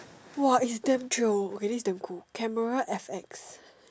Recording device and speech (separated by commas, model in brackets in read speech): standing microphone, conversation in separate rooms